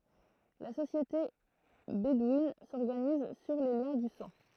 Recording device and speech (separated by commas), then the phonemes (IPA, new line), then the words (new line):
throat microphone, read sentence
la sosjete bedwin sɔʁɡaniz syʁ le ljɛ̃ dy sɑ̃
La société bédouine s’organise sur les liens du sang.